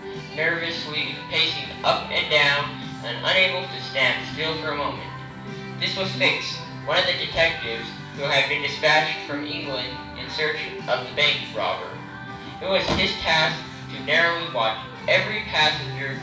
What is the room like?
A moderately sized room.